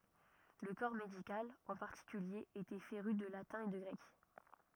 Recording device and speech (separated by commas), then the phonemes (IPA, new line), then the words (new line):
rigid in-ear microphone, read sentence
lə kɔʁ medikal ɑ̃ paʁtikylje etɛ feʁy də latɛ̃ e də ɡʁɛk
Le corps médical, en particulier, était féru de latin et de grec.